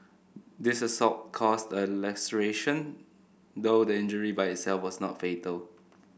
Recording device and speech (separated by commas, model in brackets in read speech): boundary microphone (BM630), read sentence